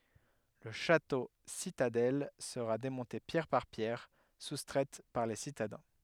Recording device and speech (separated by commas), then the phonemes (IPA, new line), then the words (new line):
headset microphone, read sentence
lə ʃatositadɛl səʁa demɔ̃te pjɛʁ paʁ pjɛʁ sustʁɛt paʁ le sitadɛ̃
Le château-citadelle sera démonté pierre par pierre, soustraites par les citadins.